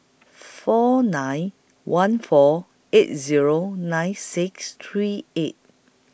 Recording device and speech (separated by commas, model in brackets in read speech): boundary microphone (BM630), read sentence